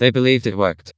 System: TTS, vocoder